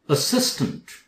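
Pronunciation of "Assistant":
'Assistant' is pronounced correctly here, with both a's said as the uh sound, a schwa.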